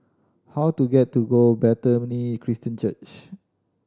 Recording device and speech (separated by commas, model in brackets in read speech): standing microphone (AKG C214), read sentence